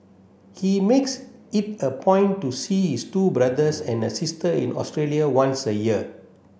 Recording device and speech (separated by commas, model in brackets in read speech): boundary microphone (BM630), read sentence